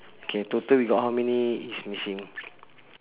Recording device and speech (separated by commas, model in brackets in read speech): telephone, conversation in separate rooms